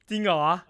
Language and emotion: Thai, happy